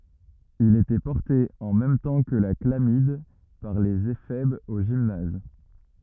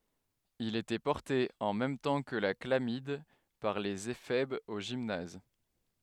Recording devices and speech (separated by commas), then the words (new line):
rigid in-ear microphone, headset microphone, read sentence
Il était porté, en même temps que la chlamyde, par les éphèbes au gymnase.